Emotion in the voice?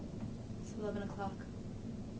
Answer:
neutral